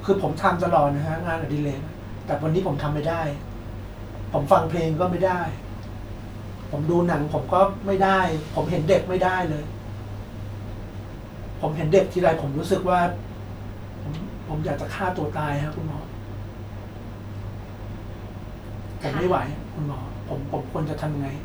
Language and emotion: Thai, frustrated